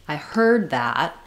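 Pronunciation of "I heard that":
The vowel in 'heard' is held long. The d at the end of 'heard' is unreleased and links straight into 'that'.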